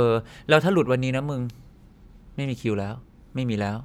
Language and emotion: Thai, frustrated